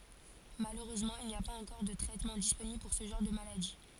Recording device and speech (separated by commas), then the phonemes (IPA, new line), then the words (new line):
forehead accelerometer, read sentence
maløʁøzmɑ̃ il ni a paz ɑ̃kɔʁ də tʁɛtmɑ̃ disponibl puʁ sə ʒɑ̃ʁ də maladi
Malheureusement, il n'y a pas encore de traitements disponibles pour ce genre de maladies.